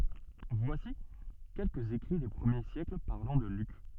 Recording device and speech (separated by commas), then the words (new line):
soft in-ear microphone, read sentence
Voici quelques écrits des premiers siècles parlant de Luc.